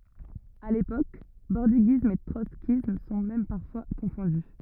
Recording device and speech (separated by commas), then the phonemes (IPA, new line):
rigid in-ear microphone, read sentence
a lepok bɔʁdiɡism e tʁɔtskism sɔ̃ mɛm paʁfwa kɔ̃fɔ̃dy